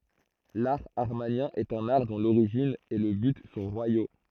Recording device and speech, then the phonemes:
throat microphone, read sentence
laʁ amaʁnjɛ̃ ɛt œ̃n aʁ dɔ̃ loʁiʒin e lə byt sɔ̃ ʁwajo

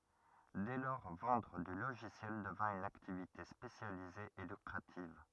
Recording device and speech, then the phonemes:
rigid in-ear microphone, read sentence
dɛ lɔʁ vɑ̃dʁ dy loʒisjɛl dəvɛ̃ yn aktivite spesjalize e lykʁativ

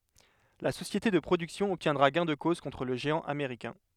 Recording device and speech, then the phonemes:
headset microphone, read sentence
la sosjete də pʁodyksjɔ̃ ɔbtjɛ̃dʁa ɡɛ̃ də koz kɔ̃tʁ lə ʒeɑ̃ ameʁikɛ̃

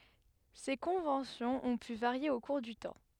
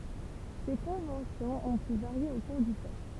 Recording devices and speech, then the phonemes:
headset microphone, temple vibration pickup, read sentence
se kɔ̃vɑ̃sjɔ̃z ɔ̃ py vaʁje o kuʁ dy tɑ̃

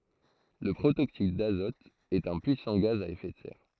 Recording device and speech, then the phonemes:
throat microphone, read sentence
lə pʁotoksid dazɔt ɛt œ̃ pyisɑ̃ ɡaz a efɛ də sɛʁ

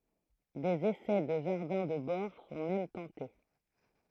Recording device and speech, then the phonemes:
throat microphone, read sentence
dez esɛ də ʒaʁdɛ̃ də bɔʁ sɔ̃ mɛm tɑ̃te

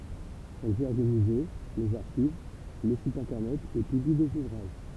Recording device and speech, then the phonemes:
temple vibration pickup, read sentence
ɛl ʒɛʁ lə myze lez aʁʃiv lə sit ɛ̃tɛʁnɛt e pybli dez uvʁaʒ

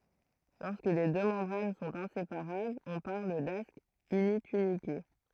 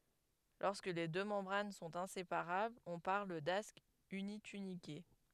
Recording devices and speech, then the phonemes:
throat microphone, headset microphone, read sentence
lɔʁskə le dø mɑ̃bʁan sɔ̃t ɛ̃sepaʁablz ɔ̃ paʁl dask ynitynike

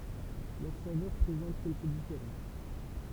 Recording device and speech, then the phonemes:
temple vibration pickup, read sentence
lœʁ savœʁ pʁezɑ̃t kɛlkə difeʁɑ̃s

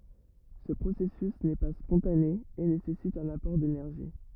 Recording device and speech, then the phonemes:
rigid in-ear microphone, read sentence
sə pʁosɛsys nɛ pa spɔ̃tane e nesɛsit œ̃n apɔʁ denɛʁʒi

